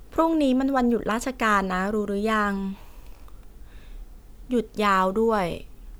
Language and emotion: Thai, neutral